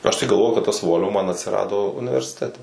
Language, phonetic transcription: Lithuanian, ˈaš tai galˈvoju kad ˈtas ˈvol'vo ˈman atsiˈrado universiˈtete

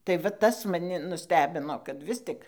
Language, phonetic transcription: Lithuanian, tai va ˈtas maˈni nuˈstebino kad ˈvis tik

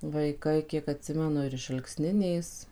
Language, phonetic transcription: Lithuanian, vaiˈkai ˈkiek atˈsimenu ir iš alkˈsninės

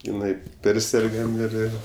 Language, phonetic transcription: Lithuanian, iˈnai ˈpersergam ir ˈir

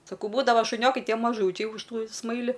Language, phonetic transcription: Lithuanian, saˈkau ˈbūdava šuˈniokai ˈtie maˈžūčiai už ˈtų ˈsmaili

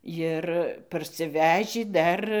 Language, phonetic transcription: Lithuanian, ˈjir parsiˈvežį ˈdar

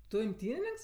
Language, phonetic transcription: Lithuanian, ˈtu imˈtynininks

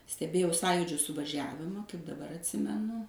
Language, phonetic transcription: Lithuanian, steˈbėjau ˈsąjudžiu suvaˈžiavima kaip daˈbar atˈsimenu

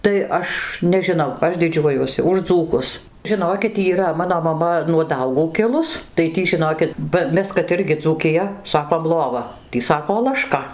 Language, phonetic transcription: Lithuanian, tai ˈaš nežiˈnau ˈaš diˈdžiuojuosi už ˈdzūkus žiˈnokit yˈra ˈmano maˈma nuo ˈdaugų kˈilus tai ˈtį žiˈnokit ba ˈmes kad ˈirgi dzūkiˈja ˈsakom ˈlova ˈtį ˈsako laˈška

